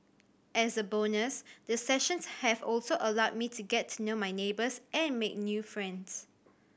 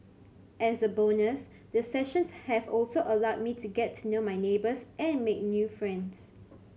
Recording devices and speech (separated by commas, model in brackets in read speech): boundary microphone (BM630), mobile phone (Samsung C7100), read sentence